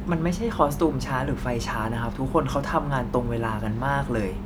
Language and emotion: Thai, frustrated